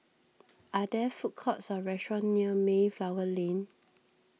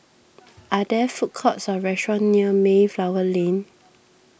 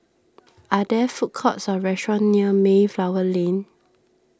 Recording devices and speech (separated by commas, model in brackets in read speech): mobile phone (iPhone 6), boundary microphone (BM630), standing microphone (AKG C214), read sentence